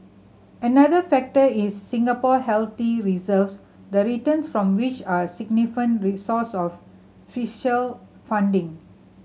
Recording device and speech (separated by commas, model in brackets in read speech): mobile phone (Samsung C7100), read sentence